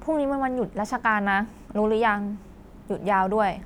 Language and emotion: Thai, frustrated